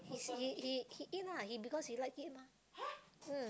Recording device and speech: close-talking microphone, conversation in the same room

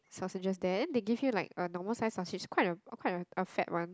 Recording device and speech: close-talking microphone, conversation in the same room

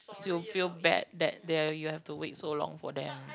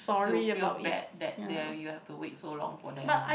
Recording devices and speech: close-talking microphone, boundary microphone, conversation in the same room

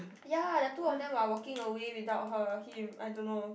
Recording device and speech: boundary microphone, conversation in the same room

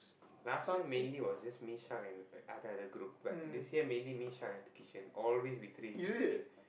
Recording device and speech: boundary microphone, conversation in the same room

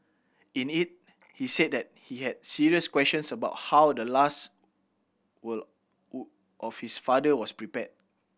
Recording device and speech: boundary microphone (BM630), read sentence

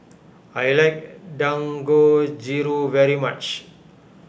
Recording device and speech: boundary microphone (BM630), read sentence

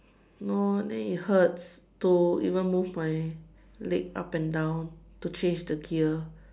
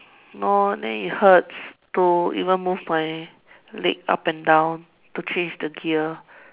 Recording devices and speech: standing microphone, telephone, conversation in separate rooms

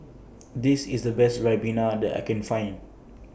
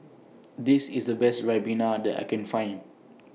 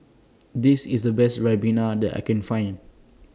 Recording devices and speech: boundary microphone (BM630), mobile phone (iPhone 6), standing microphone (AKG C214), read sentence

